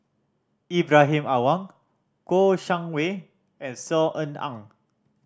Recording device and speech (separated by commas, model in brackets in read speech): standing microphone (AKG C214), read sentence